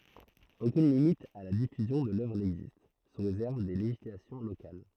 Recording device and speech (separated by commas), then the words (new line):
throat microphone, read sentence
Aucune limite à la diffusion de l'œuvre n'existe, sous réserve des législations locales.